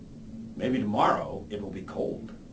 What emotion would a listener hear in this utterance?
neutral